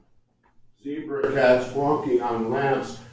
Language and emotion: English, sad